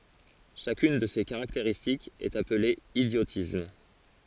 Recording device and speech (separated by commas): forehead accelerometer, read sentence